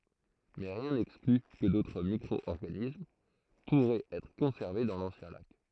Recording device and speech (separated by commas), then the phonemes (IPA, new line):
throat microphone, read sentence
mɛ ʁjɛ̃ nɛkskly kə dotʁ mikʁɔɔʁɡanism puʁɛt ɛtʁ kɔ̃sɛʁve dɑ̃ lɑ̃sjɛ̃ lak